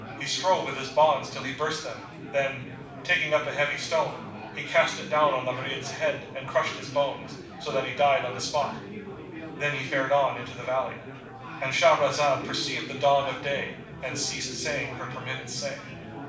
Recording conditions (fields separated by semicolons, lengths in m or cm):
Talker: one person; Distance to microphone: 5.8 m; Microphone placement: far; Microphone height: 1.8 m; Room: medium-sized (5.7 m by 4.0 m); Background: babble